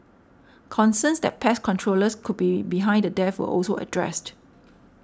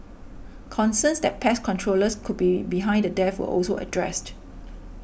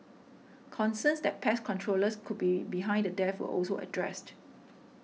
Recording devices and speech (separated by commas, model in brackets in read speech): standing microphone (AKG C214), boundary microphone (BM630), mobile phone (iPhone 6), read sentence